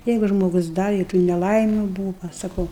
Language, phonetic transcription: Lithuanian, ˈjeigu žmoˈgus ˈda i tų neˈlaimiu ˈbūva saˈkau

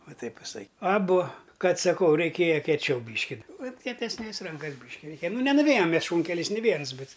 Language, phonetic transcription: Lithuanian, o ˈtaip viˈsai aˈbu ˈkad saˈkau reiˈkėja kieˈčiau ˈbyški vat kietesˈnės ˈrankas ˈbyški reiˈkėja ˈnu nenuˈvėjam ˈmes ˈšūnkeliais ni ˈviens ˈbet

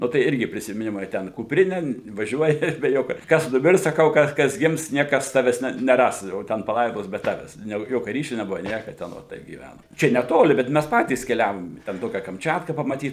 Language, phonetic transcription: Lithuanian, ˈnu ˈtai ˈirgi prisimiˈnimai ˈten kupˈrine vaˈžiuoji be ˈjokio ˈkas nuˈmirs saˈkau ˈkas ˈkas ˈgims ˈniekas ˈtavęs ˈne neˈras jau ˈten paˈlaidos be ˈtavęs jau ˈjokia ˈryšiu neˈbuva ˈnieka ten ˈot taip gyˈvænom ˈčia neˈtoli bet ˈmæs ˈpatys keˈliavom i ten ˈtokia kamˈčiatka pamaˈtyt

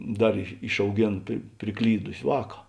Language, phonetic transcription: Lithuanian, ˈdar išauˈgėn pri priˈklydusi ˈvāka

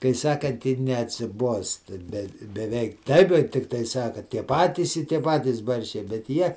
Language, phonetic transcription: Lithuanian, kai ˈsakant ir neatsiˈbuosta bet beˈveik ˈtaip jau ˈtiktai ˈsaka ˈtie ˈpatys i ˈtie ˈpatys ˈbarščiai bet ˈjie

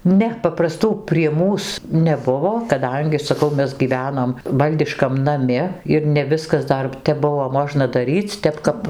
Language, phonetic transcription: Lithuanian, ˈne papraˈstų prie ˈmūs neˈbuvo kaˈdangi saˈkau ˈmes gyˈvenom ˈvaldiškam naˈmi ir ne ˈviskas ˈdar tep ˈbuvo ˈmožna daˈryc' ˈtep kap

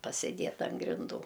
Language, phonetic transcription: Lithuanian, pasiˈdėt an grinˈdų

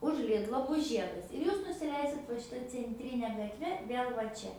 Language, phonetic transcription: Lithuanian, už ˈlidlo ˈbus ˈžiedas ir ˈjūs nusiˈleisit va šiˈta cenˈtrine gatˈve ˈvėl va ˈčia

